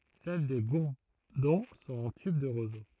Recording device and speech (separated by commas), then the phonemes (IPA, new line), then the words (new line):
throat microphone, read sentence
sɛl de buʁdɔ̃ sɔ̃t ɑ̃ tyb də ʁozo
Celles des bourdons sont en tube de roseau.